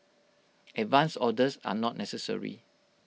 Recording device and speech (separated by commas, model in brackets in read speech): mobile phone (iPhone 6), read sentence